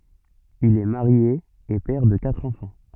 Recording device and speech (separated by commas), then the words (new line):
soft in-ear microphone, read sentence
Il est marié et père de quatre enfants.